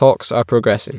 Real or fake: real